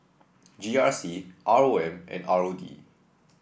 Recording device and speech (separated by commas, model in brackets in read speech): boundary microphone (BM630), read sentence